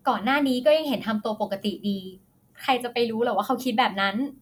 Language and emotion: Thai, frustrated